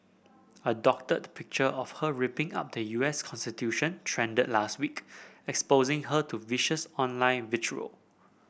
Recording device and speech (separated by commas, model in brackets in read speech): boundary microphone (BM630), read sentence